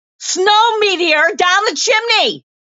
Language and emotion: English, neutral